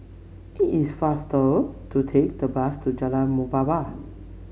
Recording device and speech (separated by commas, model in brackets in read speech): mobile phone (Samsung C7), read sentence